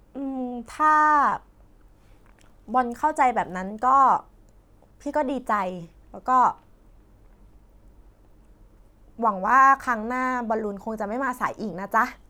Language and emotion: Thai, frustrated